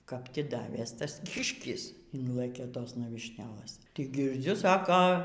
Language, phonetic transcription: Lithuanian, kap ˈti ˈdavės ˈtas ˈkiškis ˈinlɘkė ˈtosna vyšˈnelɘs tik girˈdziu ˈsako

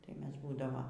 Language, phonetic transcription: Lithuanian, tai ˈmes ˈbūdava

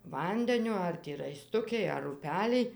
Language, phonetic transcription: Lithuanian, ˈvandenio ˈar ti raiˈstukij ar uˈpelij

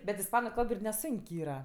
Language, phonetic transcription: Lithuanian, bet isˈpanu ˈkalb ir neˈsunk' ˈyra

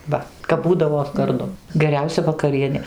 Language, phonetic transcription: Lithuanian, ˈva kap ˈbūdavo garˈdu geˈriausia vakaˈrienė

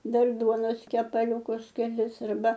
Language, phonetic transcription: Lithuanian, ˈdar ˈduonos kepaˈliūkus keˈlis arˈba

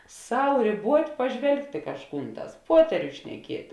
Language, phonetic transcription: Lithuanian, ˈsau rėˈbuot' paˈžvelgt' i kažˈkūn ˈtās ˈpuoterius šneˈkiet'

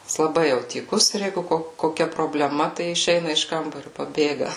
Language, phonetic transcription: Lithuanian, jis laˈbai ˈjau tyˈkus ir ˈjeigu ˈko koˈkia probleˈma tai išˈeina iš ˈkambariu paˈbėga

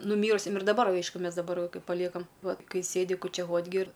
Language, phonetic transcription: Lithuanian, nuˈmyrusiam ir daˈbar ˈaišku ˈmes daˈbar ˈkai paˈliekam ˈvat ˈkai ˈsėdi kučiaˈvot' gi ir

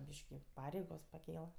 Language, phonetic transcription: Lithuanian, ˈbyški ˈpareigos paˈkėla

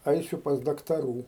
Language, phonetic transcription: Lithuanian, ˈaisiu pas daktaˈrų

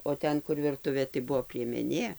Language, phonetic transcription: Lithuanian, o ˈten kur virˈtuvė tai ˈbuvo priemeˈnė

